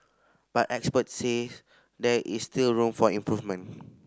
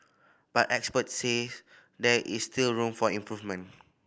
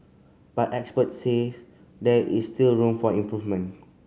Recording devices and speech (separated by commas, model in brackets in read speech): standing microphone (AKG C214), boundary microphone (BM630), mobile phone (Samsung C5010), read sentence